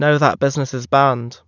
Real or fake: real